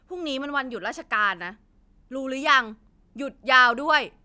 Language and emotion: Thai, angry